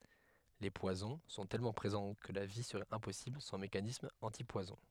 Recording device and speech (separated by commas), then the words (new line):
headset microphone, read sentence
Les poisons sont tellement présents que la vie serait impossible sans mécanismes antipoisons.